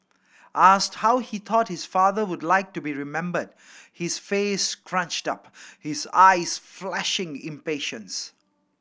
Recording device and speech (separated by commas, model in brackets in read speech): boundary microphone (BM630), read sentence